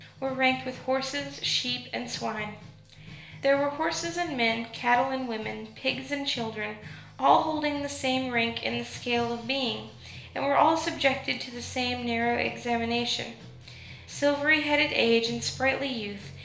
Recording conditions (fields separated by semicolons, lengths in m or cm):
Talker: one person; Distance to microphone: 1.0 m; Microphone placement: close; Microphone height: 1.1 m; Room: small (3.7 m by 2.7 m); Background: music